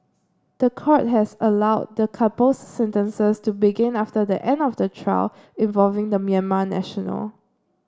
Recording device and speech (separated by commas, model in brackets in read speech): standing microphone (AKG C214), read sentence